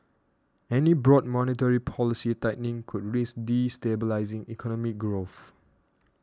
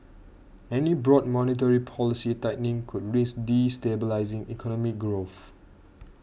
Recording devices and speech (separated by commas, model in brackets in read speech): standing microphone (AKG C214), boundary microphone (BM630), read sentence